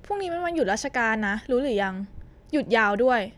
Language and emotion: Thai, frustrated